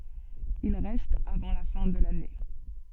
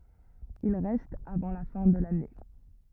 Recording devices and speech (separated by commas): soft in-ear microphone, rigid in-ear microphone, read sentence